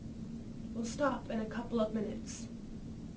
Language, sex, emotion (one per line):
English
female
neutral